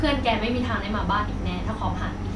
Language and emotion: Thai, angry